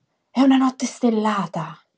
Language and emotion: Italian, surprised